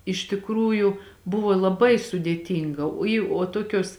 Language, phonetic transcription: Lithuanian, iš tikˈrųjų ˈbuvo laˈbai sudėˈtynga o į o ˈtokios

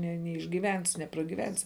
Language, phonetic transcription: Lithuanian, ne neišgyˈvensi nepragyˈvensi

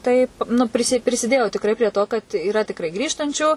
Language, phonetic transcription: Lithuanian, ˈtaip nu ˈprisi prisiˈdėjo tikˈrai prie ˈto kad yˈra tikˈrai ˈgrįžtančių

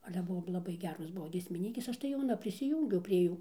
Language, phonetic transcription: Lithuanian, ˈale ˈbuvo laˈbai ˈgeros ˈbuvo giesmiˈnykės ˈaš tai jauˈna prisiˈjūngiau prie ˈjų

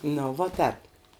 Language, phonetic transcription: Lithuanian, ˈnu vo ˈtēp

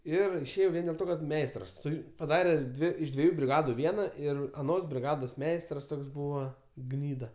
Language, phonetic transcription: Lithuanian, ˈir išˈėjau ˈvien dėl ˈto kad ˈmeistras ˈsu paˈdarė ˈdvi iš dvieˈjų briˈgadu ˈviena ˈir aˈnos briˈgados ˈmeistras ˈtoks ˈbūva ˈgnyda

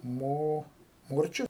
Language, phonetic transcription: Lithuanian, ˈmo ˈmorčiu

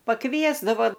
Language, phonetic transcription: Lithuanian, paˈkviesdavo

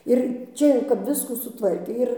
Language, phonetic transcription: Lithuanian, ir ˈčia jau kap ˈviskų suˈtvarkė ˈir

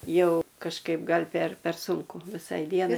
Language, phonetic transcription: Lithuanian, ˈjau kažˈkaip ˈgal' per per ˈsunku viˈsai ˈdienai

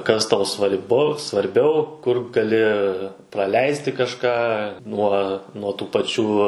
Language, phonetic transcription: Lithuanian, kas ˈtau svar'ˈbu svarˈbiau kur gaˈli praˈleisti kažˈką ˈnuo nuo tų paˈčių

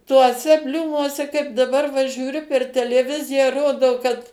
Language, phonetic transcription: Lithuanian, tuoˈse ˈbliūmuose kaip daˈbar va žiūˈriu per teleˈviziją ˈrodo kad

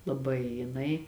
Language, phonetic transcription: Lithuanian, laˈbai jiˈnai

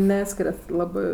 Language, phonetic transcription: Lithuanian, ˈneskiriat ˈlabɜ

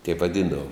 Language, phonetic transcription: Lithuanian, teip vaˈdyndavom

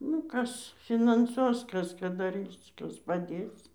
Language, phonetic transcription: Lithuanian, ˈnu ˈkas finanˈsuos ˈkas ˈką daˈrys ˈkas paˈdės

